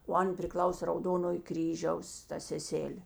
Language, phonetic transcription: Lithuanian, o ˈan priˈklausė rauˈdonoj ˈkryžiaus ˈta seˈselė

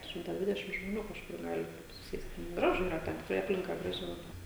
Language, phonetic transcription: Lithuanian, ˈšimtą ˈdvidešim žmoˈnių kažˈkur ˈgali ˈtaip suˈsėst' ˈgražu ˈyra ˈten tikˈrai ˈaplinka ˈgraži laˈbai

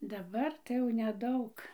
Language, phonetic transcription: Lithuanian, daˈbar tai jau neˈdaug

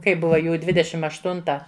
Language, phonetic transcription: Lithuanian, kai ˈbuva ˈjų ˈdvidešim ašˈtunta

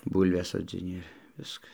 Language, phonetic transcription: Lithuanian, ˈbūlves sodziˈni ir ˈviska

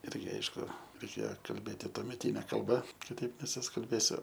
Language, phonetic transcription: Lithuanian, ˈirgi ˈaišku reiˈkėo kalˈbėti tuomeˈtyne kalˈba kiˈtaip nesuskalˈbėsiu

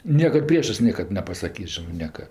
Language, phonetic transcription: Lithuanian, ˈniekad ˈpriešɜs ˈniekad nepasaˈkys ˈžinɜ ˈnieka

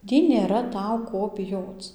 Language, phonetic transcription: Lithuanian, ˈtį nėˈra ˈtau ˈko biˈjoc

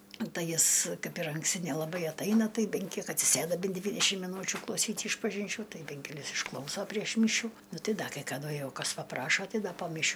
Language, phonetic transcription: Lithuanian, ˈtai ˈjis ˈkaip ir anksˈti nelaˈbai atˈaina ˈtai ˈben ˈkiek atsiˈsėda ˈben ˈdvydešim miˈnūčiu klauˈsyt' išpažinˈčių ˈtai ˈben keˈlis išˈklauso prieš ˈmyšių ˈnu ˈtai ˈda kai kaˈdu ˈjau ˈkas paˈprašo ˈtai ˈda po miˈšių

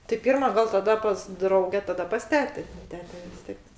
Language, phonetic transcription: Lithuanian, ti ˈpyrma gal taˈda pas ˈdrauge taˈda pas ˈtetė ˈtete vis ˈtiek

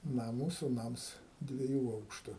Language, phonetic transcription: Lithuanian, ˈna ˈmūsų ˈnams dvieˈjų ˈaukštu

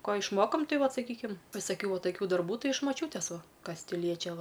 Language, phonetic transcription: Lithuanian, ˈko išˈmokom ˈtai ˈvat saˈkykim visaˈkių va taˈkių ˈdarbų ˈtai iš maˈčiūtės ˈva ˈkas ˈti ˈliečia ˈva

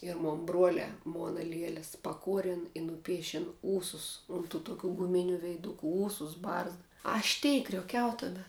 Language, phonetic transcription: Lithuanian, ir ˈmon ˈbruolē ˈmona ˈlieles paˈkuoren i nuˈpiešen ˈūsus ˈun ˌtų tuˈkių guˈminiu veiˈduku ˈūsus ˈbarzda ˈaš tei krioˈkiau taˈda

